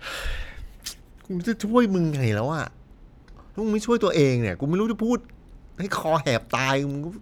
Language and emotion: Thai, frustrated